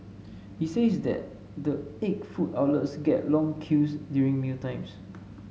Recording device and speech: mobile phone (Samsung S8), read sentence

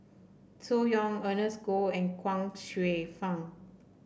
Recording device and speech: boundary microphone (BM630), read sentence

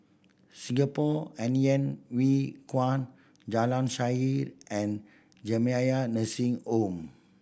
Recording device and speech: boundary microphone (BM630), read sentence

